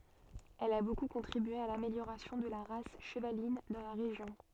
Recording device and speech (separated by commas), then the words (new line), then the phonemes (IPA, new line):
soft in-ear microphone, read sentence
Elle a beaucoup contribué à l'amélioration de la race chevaline dans la région.
ɛl a boku kɔ̃tʁibye a lameljoʁasjɔ̃ də la ʁas ʃəvalin dɑ̃ la ʁeʒjɔ̃